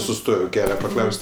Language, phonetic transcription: Lithuanian, suˈstoj ˈkelia paˈklaus't'

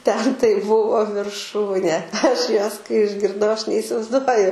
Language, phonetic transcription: Lithuanian, ten tai ˈbuvo virˈšūnė ˈaš ˈjuos kai išgirˈdau ˈaš neisivaizˈduoju

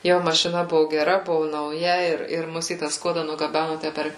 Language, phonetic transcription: Lithuanian, ˈjo mašiˈna ˈbuvo geˈra ˈbuvo nauˈja ˈir ir ˈmus į tą ˈskuoda nugaˈbænu ˈtæ per

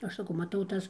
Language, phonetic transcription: Lithuanian, ˈaš saˈkau maˈtau ˈtas

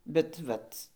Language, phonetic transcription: Lithuanian, bet ˈvat

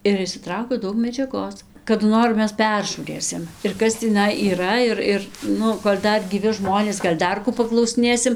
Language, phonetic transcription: Lithuanian, ir išsiˈtraukiau ˈdaug medžiaˈgos kadu ˈnor ˈmes ˈperžūrėsim ir ˈkas tįˈnai yˈra ir ˈir ˈnu kol' ˈdar gyˈvi ˈžmonės ˈgal' ˈdar kų paklausiˈnėsim

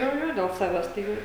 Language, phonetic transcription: Lithuanian, ˈjo ˈjo del ˈsaves tai ˈjau

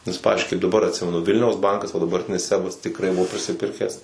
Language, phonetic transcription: Lithuanian, nes ˈpavizdžiui kaip daˈbar atˈsimenu ˈvilniaus ˈbankas va dabarˈtinis ˈsebas tiˈkrai ˈbuvo prisiˈpirkęs

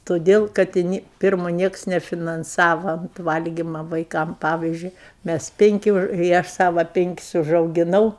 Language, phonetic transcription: Lithuanian, toˈdėl kad i ˈni ˈpirmo ˈnieks nefinanˈsava ˈvalgyma vaiˈkam ˈpavyzdžiui ˈmæs ˈpinki i ˈaš ˈsava ˈpinkis užaugiˈnau

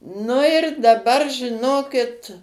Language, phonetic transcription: Lithuanian, nu ir daˈbar žiˈnokit

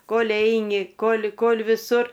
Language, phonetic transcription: Lithuanian, ˈkol' ˈeini ˈkol' ˈkol' viˈsur

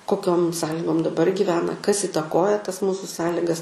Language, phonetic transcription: Lithuanian, koˈkiom ˈsąligom daˈbar giˈvena kas itaˈkoja tas ˈmūsu ˈsąligas

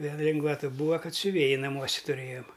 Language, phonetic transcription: Lithuanian, ˈvėl ˈlingvata ˈbūa ˈkad siuˈvėji naˈmuose tuˈrėjom

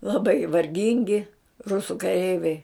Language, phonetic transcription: Lithuanian, laˈbai varˈgingi ˈrusu kaˈreiviai

